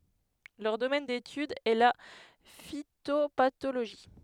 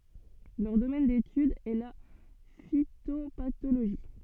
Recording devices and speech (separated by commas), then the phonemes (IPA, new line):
headset microphone, soft in-ear microphone, read sentence
lœʁ domɛn detyd ɛ la fitopatoloʒi